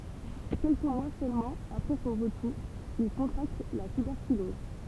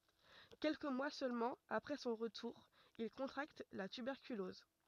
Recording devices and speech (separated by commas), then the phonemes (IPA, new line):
temple vibration pickup, rigid in-ear microphone, read sentence
kɛlkə mwa sølmɑ̃ apʁɛ sɔ̃ ʁətuʁ il kɔ̃tʁakt la tybɛʁkylɔz